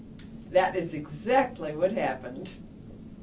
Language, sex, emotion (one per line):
English
female
happy